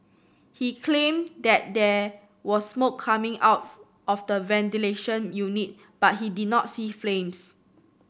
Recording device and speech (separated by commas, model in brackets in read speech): boundary microphone (BM630), read sentence